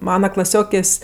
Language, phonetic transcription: Lithuanian, ˈmana klaˈsiokės'

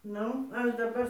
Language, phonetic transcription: Lithuanian, ˈnu ˈaš daˈbar

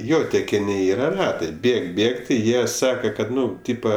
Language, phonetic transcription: Lithuanian, ˈjo tekiˈni ˈyra ˈratai ˈbėg ˈbėg ti ˈjie ˈsaka kad ˈnu ˈtypa

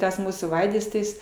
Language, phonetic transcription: Lithuanian, ˈtas ˈmūsų ˈvaidas tai ˈjis

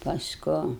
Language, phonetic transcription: Lithuanian, pasˈku

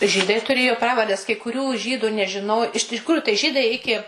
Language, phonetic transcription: Lithuanian, ˈžydai tuˈrėjo ˈpravardes kai kuˈrių ˈžydu nežiˈnoj iš tiˈkrųju tai ˈžydai ˈiki

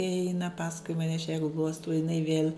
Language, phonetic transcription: Lithuanian, i ˈeina ˈpaskui maˈne aš ja ˈgluostau jiˈnai viel

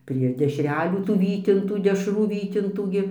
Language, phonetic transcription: Lithuanian, prie dešˈrelių tų ˈvytintų dešˈrų ˈvytintų gi

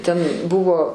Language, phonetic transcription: Lithuanian, ten ˈbuvo

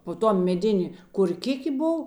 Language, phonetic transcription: Lithuanian, po ˈtuo meˈdėnė korˈkikė ˈbov

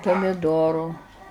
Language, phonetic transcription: Lithuanian, pamiˈdoru

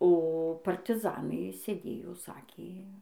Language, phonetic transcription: Lithuanian, o partiˈzanai sėˈdėjo ˈsakė

